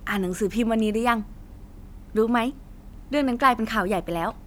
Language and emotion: Thai, happy